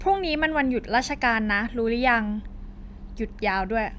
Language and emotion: Thai, neutral